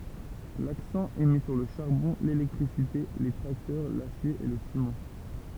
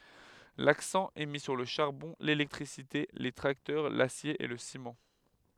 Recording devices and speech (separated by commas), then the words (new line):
temple vibration pickup, headset microphone, read sentence
L'accent est mis sur le charbon, l'électricité, les tracteurs, l'acier et le ciment.